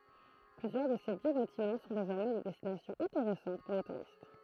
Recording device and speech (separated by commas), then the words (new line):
throat microphone, read sentence
Plusieurs de ces vieux bâtiments sont désormais des destinations intéressantes pour les touristes.